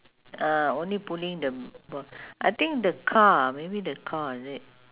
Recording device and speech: telephone, conversation in separate rooms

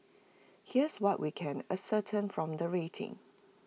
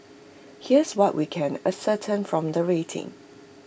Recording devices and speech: mobile phone (iPhone 6), boundary microphone (BM630), read sentence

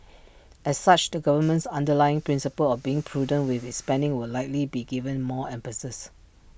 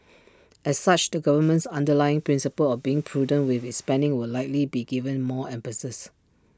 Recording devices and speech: boundary microphone (BM630), standing microphone (AKG C214), read sentence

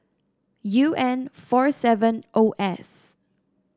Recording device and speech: standing microphone (AKG C214), read sentence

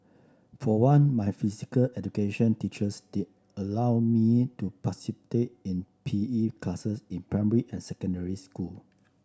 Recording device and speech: standing microphone (AKG C214), read sentence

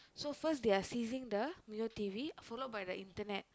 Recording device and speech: close-talking microphone, conversation in the same room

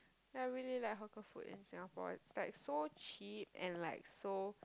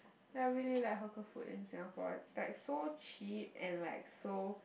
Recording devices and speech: close-talking microphone, boundary microphone, conversation in the same room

